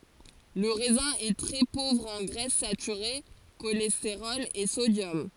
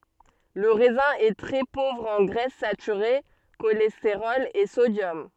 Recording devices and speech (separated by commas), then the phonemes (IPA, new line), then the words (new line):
forehead accelerometer, soft in-ear microphone, read sentence
lə ʁɛzɛ̃ ɛ tʁɛ povʁ ɑ̃ ɡʁɛs satyʁe ʃolɛsteʁɔl e sodjɔm
Le raisin est très pauvre en graisses saturées, cholestérol et sodium.